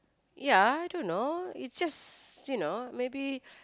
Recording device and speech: close-talking microphone, conversation in the same room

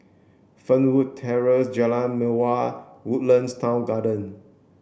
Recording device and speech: boundary microphone (BM630), read sentence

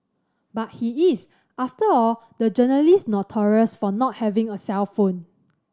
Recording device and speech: standing microphone (AKG C214), read sentence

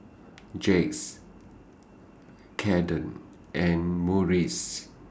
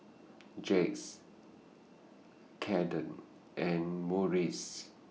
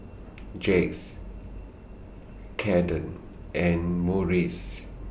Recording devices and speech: standing microphone (AKG C214), mobile phone (iPhone 6), boundary microphone (BM630), read sentence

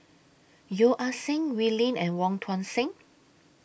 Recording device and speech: boundary microphone (BM630), read sentence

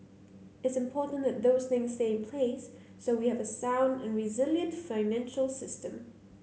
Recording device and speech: mobile phone (Samsung C9), read sentence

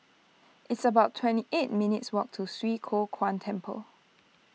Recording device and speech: mobile phone (iPhone 6), read sentence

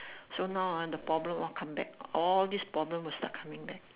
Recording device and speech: telephone, conversation in separate rooms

